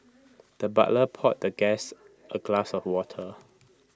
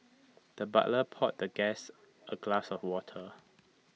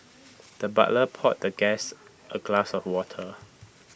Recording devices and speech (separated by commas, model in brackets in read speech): close-talking microphone (WH20), mobile phone (iPhone 6), boundary microphone (BM630), read sentence